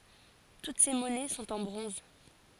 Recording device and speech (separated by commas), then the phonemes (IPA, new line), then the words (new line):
forehead accelerometer, read sentence
tut se mɔnɛ sɔ̃t ɑ̃ bʁɔ̃z
Toutes ces monnaies sont en bronze.